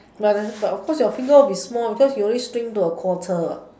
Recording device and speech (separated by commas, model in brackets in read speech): standing microphone, conversation in separate rooms